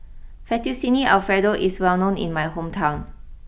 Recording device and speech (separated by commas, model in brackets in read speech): boundary microphone (BM630), read sentence